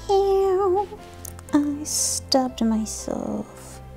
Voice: Sing songy voice